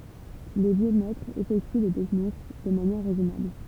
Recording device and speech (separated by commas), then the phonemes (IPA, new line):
temple vibration pickup, read sentence
le vjø mɛtʁz efɛkty le tɛknik də manjɛʁ ʁɛzɔnabl